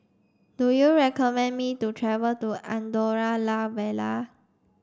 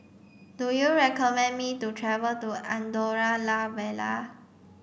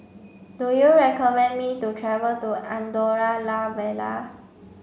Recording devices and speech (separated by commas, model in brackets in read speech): standing microphone (AKG C214), boundary microphone (BM630), mobile phone (Samsung C5), read sentence